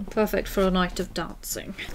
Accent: British accent